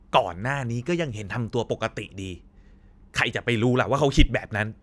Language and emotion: Thai, angry